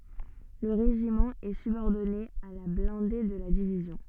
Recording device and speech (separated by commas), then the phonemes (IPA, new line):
soft in-ear microphone, read sentence
lə ʁeʒimɑ̃ ɛ sybɔʁdɔne a la blɛ̃de də la divizjɔ̃